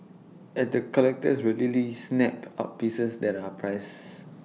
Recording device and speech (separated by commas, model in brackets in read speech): mobile phone (iPhone 6), read sentence